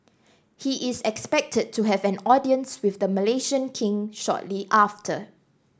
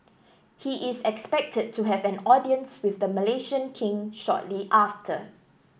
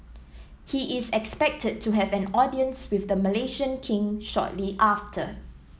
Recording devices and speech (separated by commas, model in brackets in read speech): standing microphone (AKG C214), boundary microphone (BM630), mobile phone (iPhone 7), read sentence